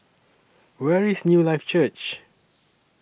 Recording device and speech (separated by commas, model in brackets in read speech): boundary microphone (BM630), read sentence